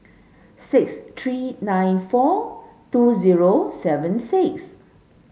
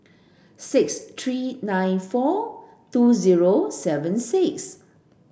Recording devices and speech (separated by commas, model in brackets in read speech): mobile phone (Samsung S8), boundary microphone (BM630), read sentence